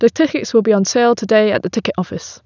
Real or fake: real